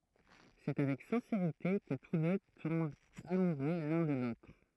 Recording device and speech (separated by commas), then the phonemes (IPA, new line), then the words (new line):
throat microphone, read sentence
sɛ avɛk sɛ̃seʁite kə tus dø tɔ̃bt amuʁø lœ̃ də lotʁ
C’est avec sincérité que tous deux tombent amoureux l'un de l'autre.